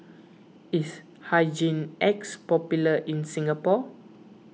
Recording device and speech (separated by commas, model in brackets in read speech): mobile phone (iPhone 6), read sentence